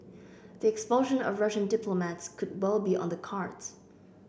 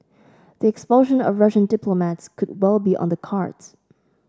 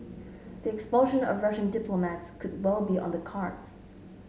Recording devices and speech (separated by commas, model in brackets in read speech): boundary microphone (BM630), standing microphone (AKG C214), mobile phone (Samsung S8), read sentence